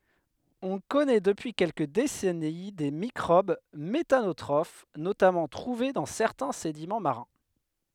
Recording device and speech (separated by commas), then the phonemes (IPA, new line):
headset microphone, read sentence
ɔ̃ kɔnɛ dəpyi kɛlkə desɛni de mikʁob metanotʁof notamɑ̃ tʁuve dɑ̃ sɛʁtɛ̃ sedimɑ̃ maʁɛ̃